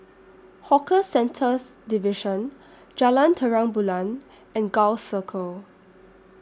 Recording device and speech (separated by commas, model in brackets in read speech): standing microphone (AKG C214), read sentence